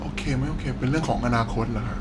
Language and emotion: Thai, sad